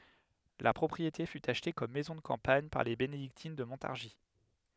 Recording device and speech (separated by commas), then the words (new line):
headset microphone, read sentence
La propriété fut achetée comme maison de campagne par les bénédictines de Montargis.